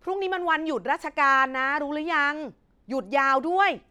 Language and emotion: Thai, frustrated